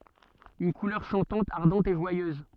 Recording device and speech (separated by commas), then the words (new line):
soft in-ear microphone, read sentence
Une couleur chantante, ardente, et joyeuse.